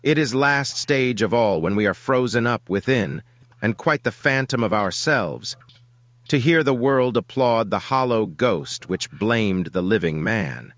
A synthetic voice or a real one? synthetic